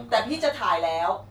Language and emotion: Thai, frustrated